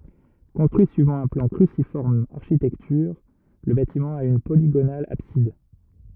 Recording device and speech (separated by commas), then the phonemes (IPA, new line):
rigid in-ear microphone, read sentence
kɔ̃stʁyi syivɑ̃ œ̃ plɑ̃ kʁysifɔʁm aʁʃitɛktyʁ lə batimɑ̃ a yn poliɡonal absid